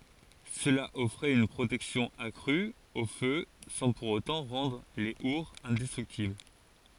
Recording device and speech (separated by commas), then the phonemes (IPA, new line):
forehead accelerometer, read sentence
səla ɔfʁɛt yn pʁotɛksjɔ̃ akʁy o fø sɑ̃ puʁ otɑ̃ ʁɑ̃dʁ le uʁz ɛ̃dɛstʁyktibl